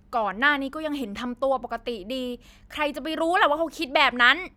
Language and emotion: Thai, angry